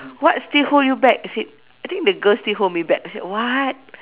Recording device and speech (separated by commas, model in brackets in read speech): telephone, conversation in separate rooms